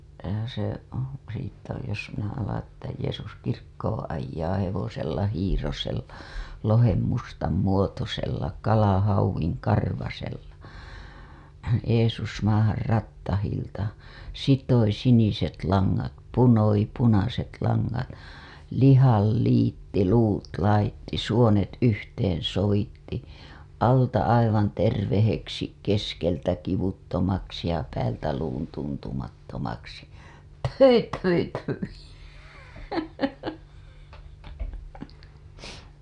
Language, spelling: Finnish, se siitä jos minä alan että Jeesus kirkkoon ajaa hevosella hiirosella lohen mustan muotoisella kalahauvin karvaisella Jeesus maahan rattailta sitoi siniset langat lihan liitti luut laittoi suonet yhteen sovitti alta aivan terveeksi keskeltä kivuttomaksi ja päältä luun tuntumattomaksi pthyi pthyi pthyi
- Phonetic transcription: se , siittä jos minä alaa̰ että , » Jeesus 'kirkkooo̰ ajjaa hevosella hiirosella , lohem mustam 'muotosella , kalahauwiŋ 'karvasella , Jeesus maahar 'rattahilta , sitoi siniset laŋŋat , 'lihal liitti 'luut laitti , 'suonet yhteen̬ sovitti , alta aivan terveheksi , keskeltä kivuttomaksi ja päältä luun tuntumattomaksi , pthyi pthyi pthyi « .

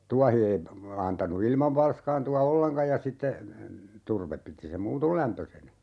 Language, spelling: Finnish, tuohi ei antanut ilman valskaantua ollenkaan ja sitten turve piti sen muuten lämpöisenä
- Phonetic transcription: 'tuahi ei , 'antanu "ilmav 'valskaantu₍a "olleŋkaj ja sitte , 'turvep piti sem "muutol 'lämpösenä .

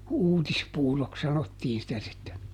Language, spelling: Finnish, uutispuuroksi sanottiin sitä sitten
- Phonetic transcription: "uutispuuroks ˈsanottiin sitä sitten̬ .

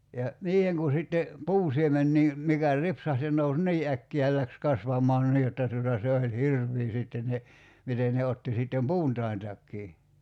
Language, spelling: Finnish, ja niihin kun sitten puunsiemeniä mikä ripsahti se nousi niin äkkiä ja lähti kasvamaan niin jotta tuota se oli hirveä sitten ne miten ne otti sitten puuntaintakin
- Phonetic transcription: ja , "niiheŋ ku sitte , "puusiemennii , mikä 'ripsaht se nous "nii 'äkki₍ä ja 'läks 'kasvamaan 'nii jotta tuota 'se oĺ "hirv̀ii sitten ne , 'miten ne 'otti 'sittem "puuntai̬ntakkii .

